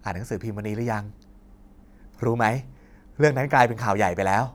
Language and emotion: Thai, happy